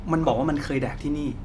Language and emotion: Thai, frustrated